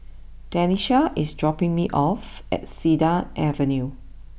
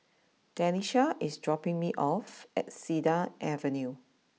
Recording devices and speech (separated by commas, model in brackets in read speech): boundary microphone (BM630), mobile phone (iPhone 6), read sentence